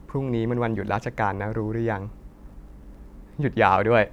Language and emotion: Thai, happy